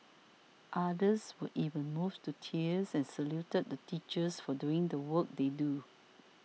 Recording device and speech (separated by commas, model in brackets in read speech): mobile phone (iPhone 6), read sentence